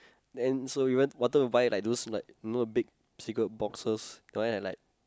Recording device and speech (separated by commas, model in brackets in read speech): close-talking microphone, conversation in the same room